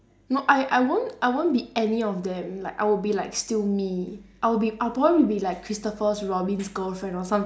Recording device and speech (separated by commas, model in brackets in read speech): standing microphone, conversation in separate rooms